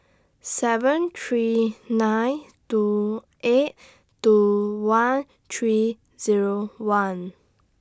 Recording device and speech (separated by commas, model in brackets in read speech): standing microphone (AKG C214), read sentence